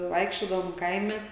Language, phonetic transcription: Lithuanian, ˈvaikščiodavom ˈkaime

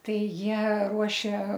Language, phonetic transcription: Lithuanian, ˈtai ˈjie ˈruošė

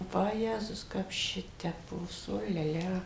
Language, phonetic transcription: Lithuanian, vaˈjezus ˈkap ˈšitepos ˈ o lia ˈlia

